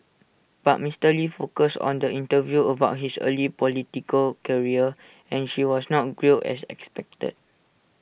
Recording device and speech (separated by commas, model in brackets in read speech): boundary microphone (BM630), read sentence